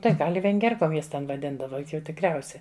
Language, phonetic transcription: Lithuanian, ˈtai ˈgal' i venˈgierkom ˈjas ten vaˈdindava ˈjuk jau tikrˈiausia

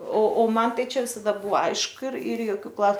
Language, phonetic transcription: Lithuanian, o o ˈman ˈtai ˈčia ˈvisada ˈbua ˈaišku ir ir joˈkių ˈklau

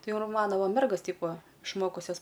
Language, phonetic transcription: Lithuanian, ˈtai ir ˈmano ˈva ˈmergos ˈteip ˈva išˈmokusias

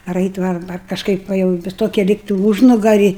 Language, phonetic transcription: Lithuanian, ar ˈait' va ar ar kažˈkaip ˈva jau vis ˈtoki ˈlygtai ˈūžnugari

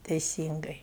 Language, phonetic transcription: Lithuanian, teiˈsyngai

